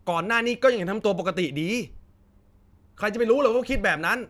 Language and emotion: Thai, frustrated